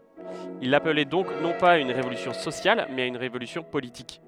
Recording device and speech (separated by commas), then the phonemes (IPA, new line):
headset microphone, read sentence
il aplɛ dɔ̃k nɔ̃ paz a yn ʁevolysjɔ̃ sosjal mɛz a yn ʁevolysjɔ̃ politik